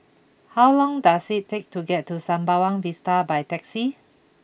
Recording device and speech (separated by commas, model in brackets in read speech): boundary microphone (BM630), read sentence